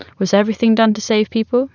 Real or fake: real